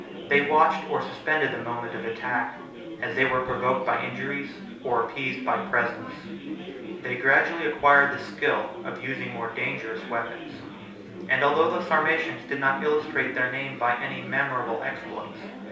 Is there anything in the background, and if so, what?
Crowd babble.